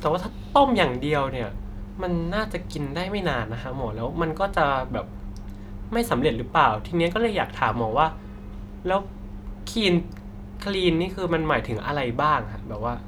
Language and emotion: Thai, neutral